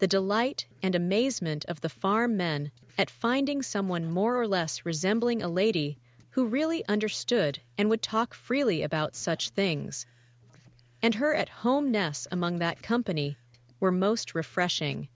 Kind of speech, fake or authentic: fake